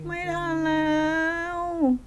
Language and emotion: Thai, frustrated